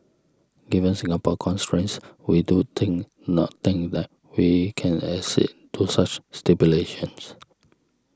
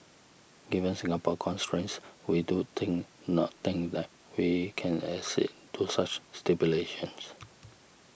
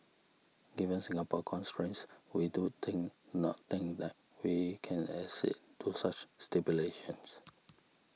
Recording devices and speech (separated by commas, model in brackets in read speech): standing microphone (AKG C214), boundary microphone (BM630), mobile phone (iPhone 6), read sentence